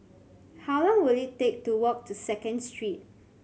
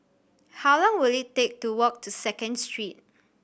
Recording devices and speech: mobile phone (Samsung C7100), boundary microphone (BM630), read sentence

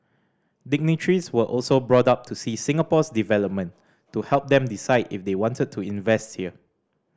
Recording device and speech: standing microphone (AKG C214), read sentence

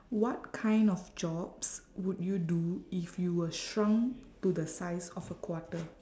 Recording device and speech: standing microphone, conversation in separate rooms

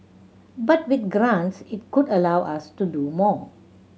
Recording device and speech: mobile phone (Samsung C7100), read sentence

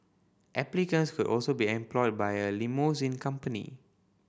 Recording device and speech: boundary microphone (BM630), read sentence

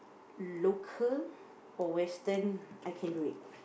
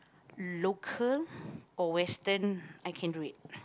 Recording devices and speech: boundary microphone, close-talking microphone, conversation in the same room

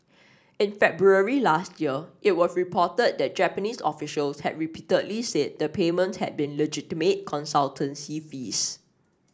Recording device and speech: standing microphone (AKG C214), read sentence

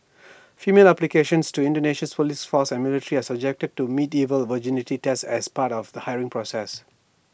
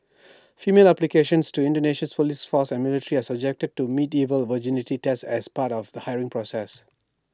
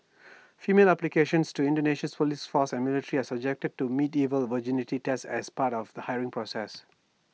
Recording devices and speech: boundary microphone (BM630), standing microphone (AKG C214), mobile phone (iPhone 6), read sentence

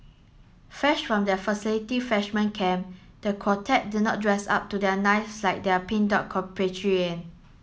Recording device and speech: mobile phone (Samsung S8), read sentence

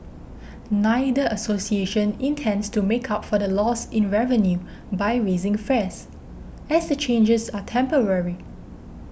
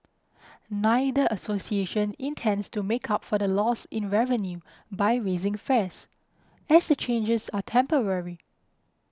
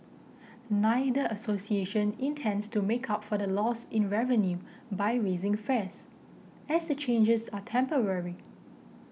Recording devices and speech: boundary microphone (BM630), close-talking microphone (WH20), mobile phone (iPhone 6), read sentence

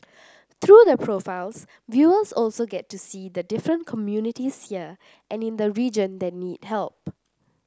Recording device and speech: standing microphone (AKG C214), read sentence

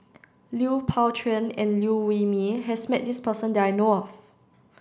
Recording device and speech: standing microphone (AKG C214), read sentence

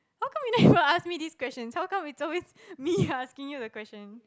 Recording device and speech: close-talking microphone, conversation in the same room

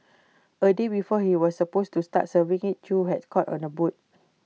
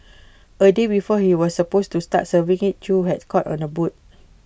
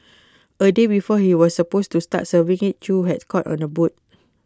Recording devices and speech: mobile phone (iPhone 6), boundary microphone (BM630), close-talking microphone (WH20), read sentence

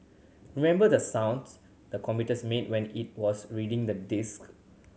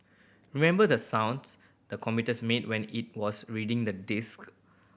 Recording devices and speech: mobile phone (Samsung C7100), boundary microphone (BM630), read sentence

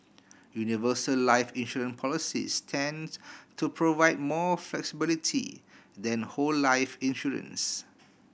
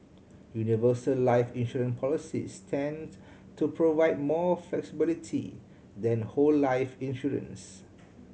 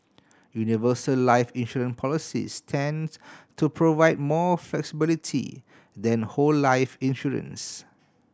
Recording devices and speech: boundary microphone (BM630), mobile phone (Samsung C7100), standing microphone (AKG C214), read sentence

